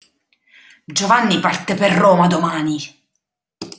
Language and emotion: Italian, angry